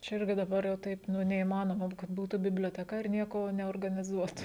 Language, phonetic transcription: Lithuanian, čia ˈirgi daˈbar jau ˈtaip ˈnu neįmaˈnoma kad ˈbūtu biblioteˈka ir ˈnieko neorganiˈzuotu

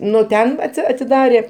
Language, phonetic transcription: Lithuanian, ˈnu ˈten ˈatsi atiˈdarė

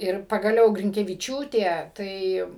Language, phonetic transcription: Lithuanian, ir pagaˈliau grinkeviˈčiūtė ˈtai

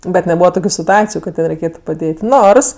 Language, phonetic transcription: Lithuanian, ˈbet neˈbūva ˈtokiu situˈaciju kad tai reiˈkėtu paˈdėt' ˈnors

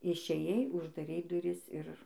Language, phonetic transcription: Lithuanian, išėˈjai uždaˈrei duˈris ir

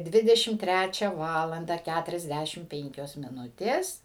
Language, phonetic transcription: Lithuanian, ˈdvidešim ˈtræčia ˈvalanda ˈkæturiasˌdæšim ˈpenkios miˈnutės

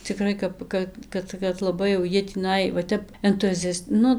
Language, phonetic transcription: Lithuanian, ciˈkrai kap ˈka ˈkad kad laˈbai jau ˈjie tįˈnai va ˈtep entuˈziast ˈnu

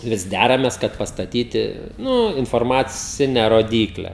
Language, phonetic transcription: Lithuanian, ˈvis ˈdæramės kad pastaˈtyti ˈnū informaˈcine roˈdykle

